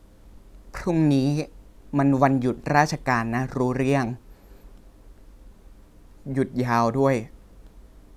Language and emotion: Thai, sad